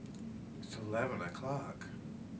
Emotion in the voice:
neutral